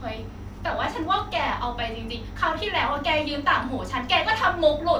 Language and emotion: Thai, angry